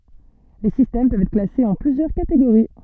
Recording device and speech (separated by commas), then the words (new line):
soft in-ear microphone, read sentence
Les systèmes peuvent être classés en plusieurs catégories.